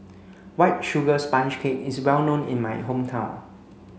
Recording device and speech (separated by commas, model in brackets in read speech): mobile phone (Samsung C5), read sentence